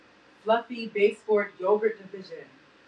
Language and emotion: English, sad